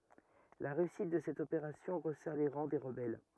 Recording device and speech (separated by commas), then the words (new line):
rigid in-ear microphone, read sentence
La réussite de cette opération resserre les rangs des rebelles.